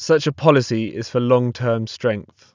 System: none